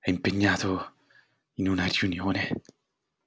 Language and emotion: Italian, fearful